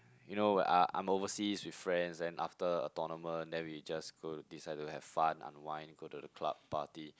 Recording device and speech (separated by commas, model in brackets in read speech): close-talking microphone, conversation in the same room